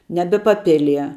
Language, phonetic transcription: Lithuanian, ˈnebe paˈpilie

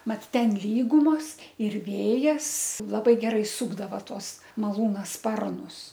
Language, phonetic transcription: Lithuanian, ˈmat ˈten ˈlygumos ir ˈvėjas ˈlabai ˈgerai ˈsūkdava ˈtuos maˈlūna ˈsparnus

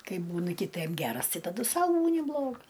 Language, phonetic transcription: Lithuanian, ˈkai ˈbūnɨ kɨˈtɜm ˈgeras ˈtai taˈdu ˈsau ˈbūni ˈblogas

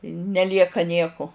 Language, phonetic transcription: Lithuanian, neˈlieka ˈnieku

